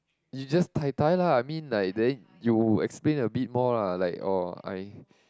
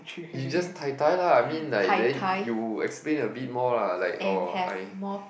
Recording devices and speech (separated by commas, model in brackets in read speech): close-talking microphone, boundary microphone, conversation in the same room